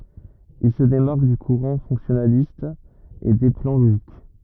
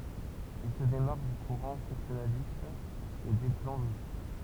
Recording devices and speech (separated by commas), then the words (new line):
rigid in-ear microphone, temple vibration pickup, read sentence
Il se démarque du courant fonctionnaliste et des plans logiques.